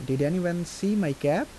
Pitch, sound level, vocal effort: 170 Hz, 83 dB SPL, soft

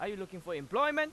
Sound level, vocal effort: 100 dB SPL, very loud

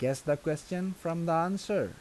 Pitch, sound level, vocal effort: 165 Hz, 84 dB SPL, normal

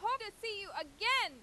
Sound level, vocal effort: 102 dB SPL, very loud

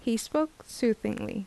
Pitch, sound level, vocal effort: 235 Hz, 75 dB SPL, normal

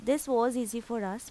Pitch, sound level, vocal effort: 235 Hz, 86 dB SPL, normal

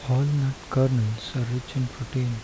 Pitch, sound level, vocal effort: 130 Hz, 74 dB SPL, soft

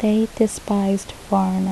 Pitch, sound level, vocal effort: 205 Hz, 71 dB SPL, soft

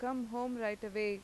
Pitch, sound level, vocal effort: 220 Hz, 90 dB SPL, normal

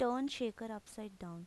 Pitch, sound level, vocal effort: 225 Hz, 83 dB SPL, normal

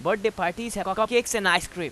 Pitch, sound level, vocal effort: 195 Hz, 95 dB SPL, very loud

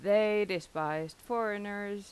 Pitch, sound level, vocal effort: 205 Hz, 89 dB SPL, loud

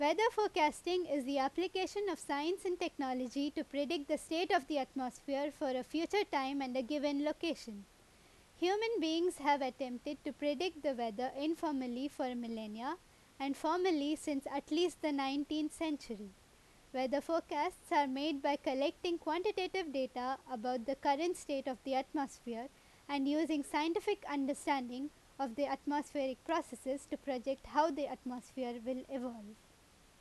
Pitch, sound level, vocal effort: 290 Hz, 88 dB SPL, very loud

